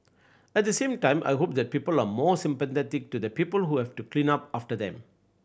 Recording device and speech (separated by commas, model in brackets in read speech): boundary microphone (BM630), read sentence